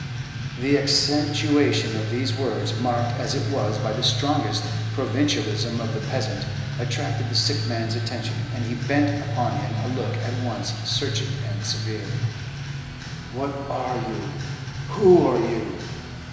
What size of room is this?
A very reverberant large room.